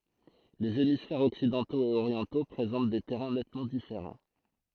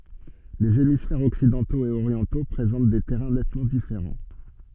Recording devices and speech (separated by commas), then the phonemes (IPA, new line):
throat microphone, soft in-ear microphone, read sentence
lez emisfɛʁz ɔksidɑ̃toz e oʁjɑ̃to pʁezɑ̃t de tɛʁɛ̃ nɛtmɑ̃ difeʁɑ̃